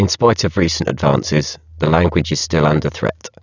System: VC, spectral filtering